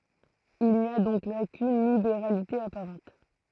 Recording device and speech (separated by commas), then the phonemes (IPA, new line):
throat microphone, read sentence
il ni a dɔ̃k la kyn libeʁalite apaʁɑ̃t